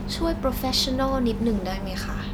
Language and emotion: Thai, frustrated